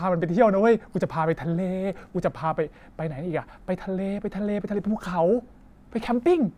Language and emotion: Thai, happy